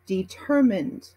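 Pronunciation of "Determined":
'Determined' is pronounced in American English.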